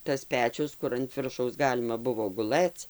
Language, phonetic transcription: Lithuanian, tas ˈpečius ˈkur ant ˈviršaus ˈgalima ˈbuvo guˈlɘc

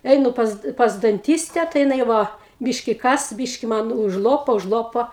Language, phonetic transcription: Lithuanian, ˈeinu pas pas danˈtyste tai jiˈnai ˈva ˈbyški ˈkas ˈbyški ˈman užˈlopo užˈlopo

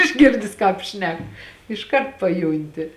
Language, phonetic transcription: Lithuanian, išˈgirdis ˈkāp ˈšnek išˈkart paˈjūnti

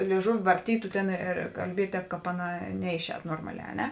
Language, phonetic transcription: Lithuanian, lėiˈžuvi varˈtytu ˈtėn ir kalˈbiet' ˈtēp ˈkāp ˈaˌnā ˈneiˌšēt ˈnormaˌlē a ˈne

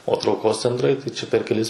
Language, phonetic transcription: Lithuanian, o trauˈkos cenˈtrai tai čia per keˈlis

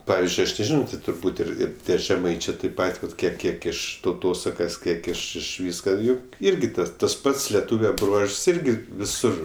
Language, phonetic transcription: Lithuanian, ˈpavizdžiui ˈaš neˈžino ti turˈbūt' ˈ ir ˈir ˈtie žeˈmaičė tėp ˈpat' vat ˈkiek ˈkiek iš tauˈtosakas ˈkiek iš iš ˈvyska ˈjuk ˈirgi ˈtas tas ˈpats leˈtūve ˈbruožs ˈirgi viˈsur

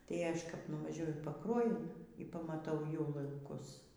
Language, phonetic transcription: Lithuanian, tai ˈaš kap nuvaˈžiuoju į paˈkruojun y pamaˈtau jau lanˈkus

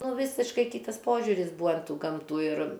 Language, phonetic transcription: Lithuanian, ˈnu ˈvysiškai ˈkytas ˈpožiuris ˈbūa an ˈtų ˈgamtų ir

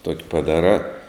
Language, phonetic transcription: Lithuanian, tok' paˈdarā

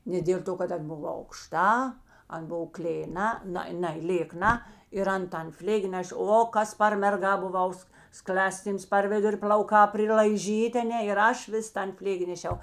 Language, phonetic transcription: Lithuanian, ne dėl ˈto kad an ˈbuv aukˈšta ˈan ˈbuv klėˈna ˈna ˈnai lėˈkna ir ˈan tan ˈflėgi ˈnešė ˈo ˈkas par merˈga buˈvaus ˈskl'aˌstyms par ˈviduri pl'auˈkā prilaiˈžytė aˈne ir ˈaš ˈvis ˈtan ˈflėgi neˈšiau

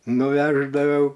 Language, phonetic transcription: Lithuanian, nuˈveždaviau

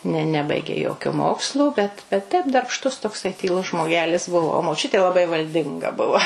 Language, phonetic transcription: Lithuanian, ne ˈnebaigė ˈjokio ˈmokslo ˈbet bet ˈtep darbˈštus tokˈsai tyˈlus žmoˈgelis ˈbuvo o moˈčiutė laˈbai valˈdinga ˈbuva

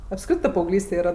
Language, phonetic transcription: Lithuanian, apˈskritɜ paauˈglyste ˈyra

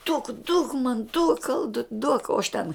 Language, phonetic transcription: Lithuanian, duok duok man duok ˈaldut' duok o aš ten

